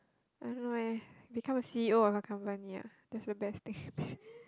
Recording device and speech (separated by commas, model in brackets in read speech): close-talking microphone, conversation in the same room